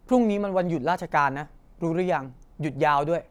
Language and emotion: Thai, frustrated